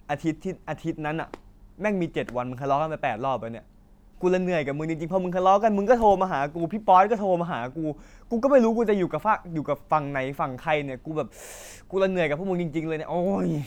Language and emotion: Thai, frustrated